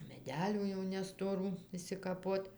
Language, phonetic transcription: Lithuanian, meˈdelių jau nestoˈrų išsikaˈpot'

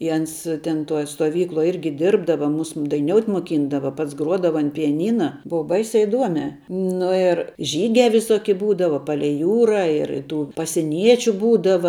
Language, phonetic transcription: Lithuanian, i ˈans ten ˈtuoj stuoˈvykluoj ˈirgi ˈdirbdava ˈmus daiˈniout' moˈkyndava ˈpats ˈgruodava an pijaˈnyna ˈbūva ˈbaisiā iˈduomē nu ir ˈžygiā viˈsoki ˈbūdava ˈpalei ˈjūra ir ˈtų pasiˈniečiu ˈbūdava

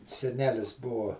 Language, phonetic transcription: Lithuanian, seˈnelis ˈbuo

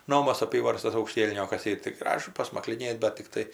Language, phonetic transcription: Lithuanian, ˈnomas aˈpyvarstas aukˈštielniokas tai ti ˈgražu pasmakliˈnėt bat tikˈtai

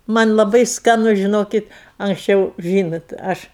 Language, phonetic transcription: Lithuanian, ˈman' laˈbai skaˈnu žiˈnokit anksˈčiau ˈžynot ˈaš

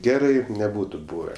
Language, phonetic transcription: Lithuanian, ˈgerai neˈbūtu ˈbūve

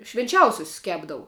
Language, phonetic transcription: Lithuanian, švinˈčiausiusius ˈkepdavu

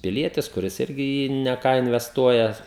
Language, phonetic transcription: Lithuanian, piˈlietis kuˈris ˈirgi i ˈjį ne ˈką invesˈtuoja

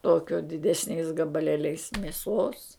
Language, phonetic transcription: Lithuanian, ˈtokio didesˈniais gabaˈlėliais mėˈsos

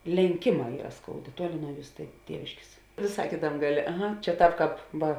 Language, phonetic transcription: Lithuanian, lenˈkėˌmā ˈyra ˈskouˌdė ˈtuoˌli nuo ˈjūs tė ˈtieviškės vėˈsai ˈkėtam' ˈgaˌlė aˈha čia ˈtāp ˈkāp ˈva

